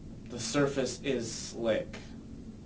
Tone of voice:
neutral